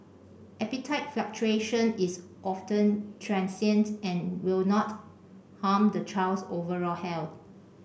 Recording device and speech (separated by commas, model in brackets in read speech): boundary microphone (BM630), read sentence